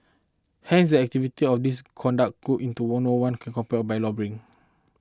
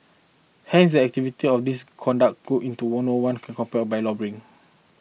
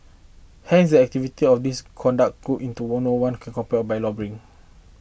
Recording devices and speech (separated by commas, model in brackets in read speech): close-talking microphone (WH20), mobile phone (iPhone 6), boundary microphone (BM630), read sentence